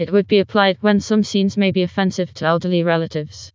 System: TTS, vocoder